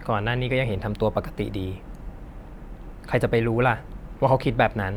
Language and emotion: Thai, neutral